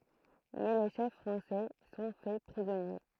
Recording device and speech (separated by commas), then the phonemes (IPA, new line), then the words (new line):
throat microphone, read sentence
mɛ le ʃɛf fʁɑ̃sɛ sɔ̃ fɛ pʁizɔnje
Mais les chefs français sont faits prisonniers.